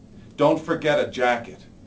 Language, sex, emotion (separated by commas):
English, male, angry